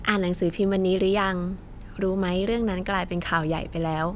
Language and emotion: Thai, neutral